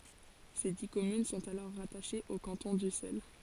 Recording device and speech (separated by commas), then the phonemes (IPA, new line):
forehead accelerometer, read sentence
se di kɔmyn sɔ̃t alɔʁ ʁataʃez o kɑ̃tɔ̃ dysɛl